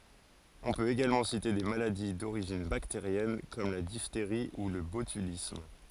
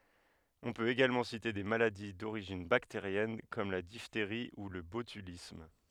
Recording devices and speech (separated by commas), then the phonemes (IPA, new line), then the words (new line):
forehead accelerometer, headset microphone, read sentence
ɔ̃ pøt eɡalmɑ̃ site de maladi doʁiʒin bakteʁjɛn kɔm la difteʁi u lə botylism
On peut également citer des maladies d'origine bactérienne comme la diphtérie ou le botulisme.